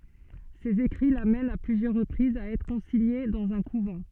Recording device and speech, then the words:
soft in-ear microphone, read sentence
Ses écrits l'amènent, à plusieurs reprises, à être consignée dans un couvent.

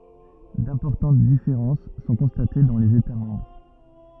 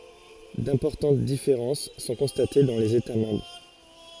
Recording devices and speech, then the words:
rigid in-ear microphone, forehead accelerometer, read sentence
D'importantes différences sont constatées dans les États membres.

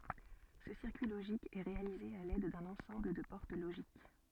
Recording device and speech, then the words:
soft in-ear microphone, read sentence
Ce circuit logique est réalisé à l'aide d'un ensemble de portes logiques.

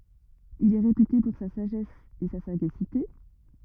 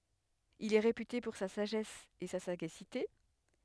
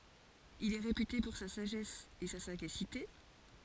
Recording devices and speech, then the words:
rigid in-ear microphone, headset microphone, forehead accelerometer, read sentence
Il est réputé pour sa sagesse et sa sagacité.

